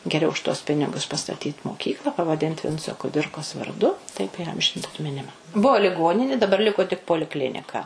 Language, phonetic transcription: Lithuanian, geˈriau už tuos ˈpinigus pastaˈtyt moˈkykla pavaˈdint ˈvinco kuˈdirkos varˈdu taip įˈamžint atmiˈnima ˈbuo liˈgonini daˈbar ˈliko tik poliˈklinika

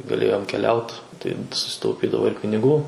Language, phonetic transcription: Lithuanian, gaˈlėjom keˈliaut ˈtai susitauˈpydavo ir piniˈgų

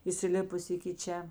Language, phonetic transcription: Lithuanian, įsiˈlipus iki ˈčia

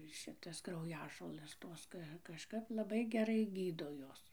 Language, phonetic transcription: Lithuanian, ˈšitas krauˈjažolɘs ˈtos ka kažˈkap laˈbai geˈrai ˈgydo ˈjos

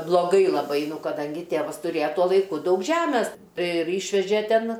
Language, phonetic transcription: Lithuanian, bloˈgai laˈbai ˈnu kaˈdangi ˈtėvas tuˈrėja ˈtuo laiˈku ˈdaug ˈžemes ˈtai ir ˈyšvežė ˈten

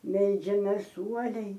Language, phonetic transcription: Lithuanian, ˈmeldžiamės ˈuoliai

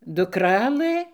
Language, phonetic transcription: Lithuanian, duˈkralɘ

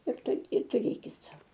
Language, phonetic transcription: Lithuanian, ir ˈtaip ir tuˈrėkit ˈsau

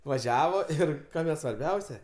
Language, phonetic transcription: Lithuanian, vaˈžiavo ˈir ˈkame svarˈbiausia

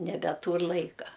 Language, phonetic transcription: Lithuanian, nebeˈtūr ˈlaika

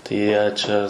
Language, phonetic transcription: Lithuanian, tai ˈjie ˈčia

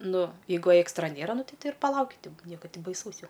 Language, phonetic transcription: Lithuanian, ˈnu jeiˈgu ėkstra ˈnėra ˈnu ˈti ˈtei ir paˈlauki ˈnieka ˈti baiˈsaus ˈjau

